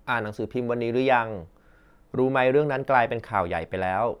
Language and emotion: Thai, neutral